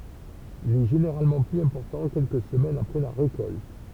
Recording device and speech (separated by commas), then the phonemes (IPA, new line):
temple vibration pickup, read sentence
il ɛ ʒeneʁalmɑ̃ plyz ɛ̃pɔʁtɑ̃ kɛlkə səmɛnz apʁɛ la ʁekɔlt